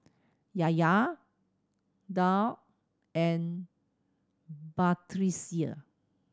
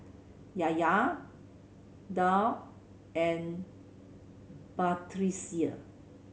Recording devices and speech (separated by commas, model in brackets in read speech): standing microphone (AKG C214), mobile phone (Samsung C7100), read sentence